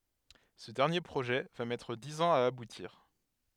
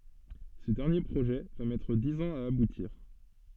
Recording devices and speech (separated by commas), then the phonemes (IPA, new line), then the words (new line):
headset microphone, soft in-ear microphone, read sentence
sə dɛʁnje pʁoʒɛ va mɛtʁ diz ɑ̃z a abutiʁ
Ce dernier projet va mettre dix ans à aboutir.